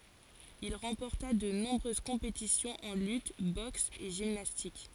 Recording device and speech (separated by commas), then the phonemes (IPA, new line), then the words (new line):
forehead accelerometer, read sentence
il ʁɑ̃pɔʁta də nɔ̃bʁøz kɔ̃petisjɔ̃z ɑ̃ lyt bɔks e ʒimnastik
Il remporta de nombreuses compétitions en lutte, boxe et gymnastique.